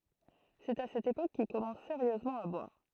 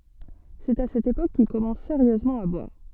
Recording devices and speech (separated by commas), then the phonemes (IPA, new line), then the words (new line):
throat microphone, soft in-ear microphone, read sentence
sɛt a sɛt epok kil kɔmɑ̃s seʁjøzmɑ̃ a bwaʁ
C’est à cette époque qu’il commence sérieusement à boire.